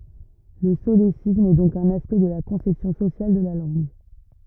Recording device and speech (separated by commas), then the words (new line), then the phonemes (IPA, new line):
rigid in-ear microphone, read sentence
Le solécisme est donc un aspect de la conception sociale de la langue.
lə solesism ɛ dɔ̃k œ̃n aspɛkt də la kɔ̃sɛpsjɔ̃ sosjal də la lɑ̃ɡ